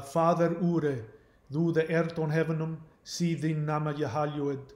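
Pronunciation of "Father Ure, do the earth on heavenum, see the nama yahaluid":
The opening of the Lord's Prayer in Old English, read with a Scottish brogue.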